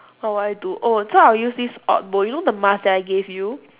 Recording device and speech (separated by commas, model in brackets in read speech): telephone, conversation in separate rooms